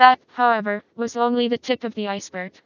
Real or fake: fake